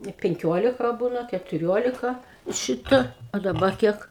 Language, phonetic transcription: Lithuanian, i ˈpenkiolika ˈbūna ketuˈriolika ˈšita a daˈba ˈkiek

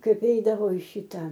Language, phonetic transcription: Lithuanian, ˈkaip ˈeidavo i ˈšita

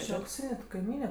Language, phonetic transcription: Lithuanian, ˈči aukˈsyne ta kaiˈmyne

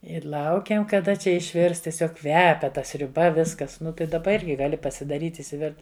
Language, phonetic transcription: Lithuanian, i ˈlaukiam kaˈda ˈčia išˈvirs tieˈsiog ˈkvepia ˈta sriuˈba ˈviskas ˈnu tai daˈba ˈirgi gaˈli pasidaˈryt' išsiˈvirt

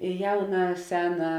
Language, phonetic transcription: Lithuanian, i ˈjauna ˈsena

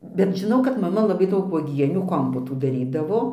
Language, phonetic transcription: Lithuanian, bet žiˈnau kad maˈma laˈbai ˈdaug vuoˈgienių ˈkompotų daˈrydavo

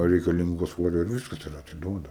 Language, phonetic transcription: Lithuanian, reikaˈlyngo ˈsvorio ir ˈviskas ir atiˈduoda

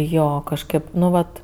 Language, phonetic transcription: Lithuanian, ˈjo kažˈkɜp ˈnu ˈvat

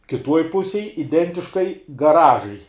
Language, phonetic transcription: Lithuanian, kiˈtuoj ˈpusėj iˈdentiškai gaˈražai

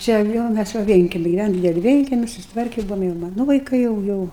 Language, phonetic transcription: Lithuanian, ˈčia jau ˈmæs va ˈvienkemi giˈvænom ˈdideli ˈvienkemi susitˈvarke ˈbuvom jau ˈmanu vaiˈkai jau ˈjau

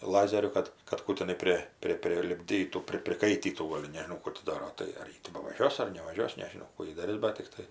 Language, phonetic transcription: Lithuanian, ˈlazeriu ˈkad kad ˈkų tiˈnai ˈpri ˈpri prilipˈdytų ˈpri priˈkaitytų ˈgol' nežiˈnau ˈkų ti ˈdaro ˈtai ar ˈji ti bavaˈžiuos ar nevaˈžiuos nežiˈnau ˈkų ji daˈris ˈbat tikˈtai

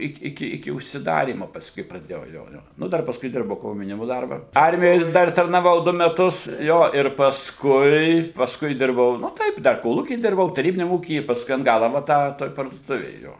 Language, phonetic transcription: Lithuanian, ˈik iˈki iki užsiˈdarymo pasˈkui praˈdėjau ˈjo ˈjo nu ˈdar pasˈkui ˈdirbau komjauˈnimu ˈdarba ˈarmijoj ˈdar tarnaˈvau ˈdu meˈtus ˈjo ir pasˈkui pasˈkui ˈdirbau nu ˈtaip dar koˈlūky ˈdirbau taˈrybiniam ˈūky i pasˈkui an ˈgala va ˈtą toj parduoˈtuvėj ˈjo

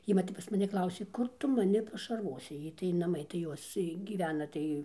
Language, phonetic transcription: Lithuanian, ˈjy va ˈtep pas maˈni ˈklausė ˈkur ˈtu maˈni pašarˈvosi ˈjai tai naˈmai tai ˈjos tai gyˈvena ˈtai

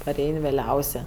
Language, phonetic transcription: Lithuanian, paˈrein' vėˈliausė

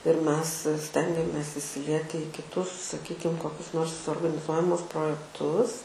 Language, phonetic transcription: Lithuanian, ir ˈmes ˈstengiamės isiˈlieti į kiˈtus saˈkykim koˈkius ˈnors organiˈzuojamus projekˈtus

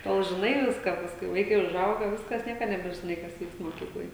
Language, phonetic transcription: Lithuanian, ˈtol žiˈnai ˈviską ˈpaskui ˈvaikai užˈauga ˈviskas ˈnieka nebežiˈnai kas ˈvykst moˈkykloj

